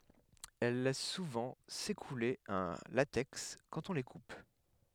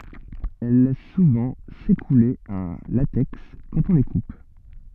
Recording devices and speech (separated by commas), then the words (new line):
headset microphone, soft in-ear microphone, read sentence
Elles laissent souvent s'écouler un latex quand on les coupe.